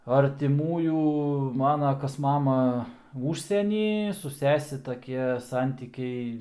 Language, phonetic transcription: Lithuanian, artiˈmųjų ˈmana ˈkas ˈmama ˈužsieny su ˈsese taˈkie ˈsantykiai

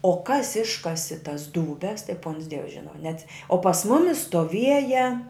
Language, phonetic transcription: Lithuanian, o kas ˈiškasi tas dūˈbes tai puons dievs ˈžina neats o pas ˈmumis stoˈvieja

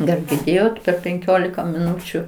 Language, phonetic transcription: Lithuanian, gal girˈdėjot per penˈkiolika miˈnučiu

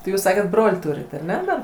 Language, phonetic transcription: Lithuanian, tai ˈjūs ˈsaket ˈbrol' ˈtūrit aˈne dar

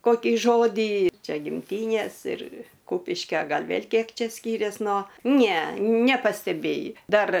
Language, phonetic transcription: Lithuanian, koˈkį ˈžodį ˈčia gimˈtynės ir ˈkūpiškio ˈgal' ˈvėl' ˈkiek ˈčia ˈskyrės no ne nepasteˈbėji ˈdar

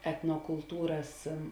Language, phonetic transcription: Lithuanian, etnokulˈtūras

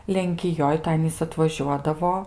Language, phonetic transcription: Lithuanian, lenkiˈjoj tai ˈanys atvaˈžiuodavo

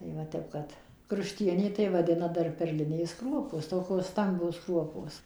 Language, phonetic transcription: Lithuanian, tai va ˈtep kad krušˈtienė tai vaˈdina ˈdar perˈlinės ˈkruopos ˈtokos ˈstambios ˈkruopos

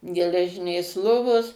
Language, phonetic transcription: Lithuanian, geleˈžinės ˈlovos

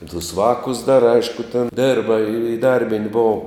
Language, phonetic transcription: Lithuanian, i tus ˈvākus dar ˈaišku ten ˈdėrba iˈdarbint' ˈbou

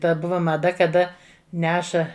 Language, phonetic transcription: Lithuanian, ˈtad ˈbuva maˈda kaˈda ˈneša

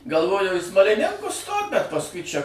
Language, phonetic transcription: Lithuanian, galˈvojau į smaliˈninkus stot bet pasˈkui ˈčia

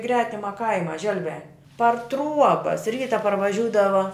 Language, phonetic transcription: Lithuanian, ˈgretima ˈkaima ˈželviā par ˈtruobas ˈryta parvaˈžiūdava

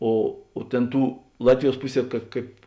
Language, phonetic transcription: Lithuanian, ˈo o ˈtėn ˈtų ˈlatviˌjuos ˈpuˌsie kad ˈkaip

